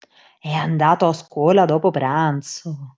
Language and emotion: Italian, surprised